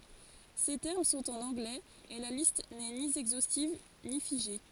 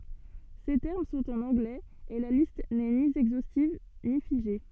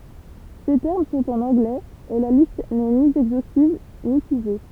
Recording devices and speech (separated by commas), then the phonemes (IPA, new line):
forehead accelerometer, soft in-ear microphone, temple vibration pickup, read sentence
se tɛʁm sɔ̃t ɑ̃n ɑ̃ɡlɛz e la list nɛ ni ɛɡzostiv ni fiʒe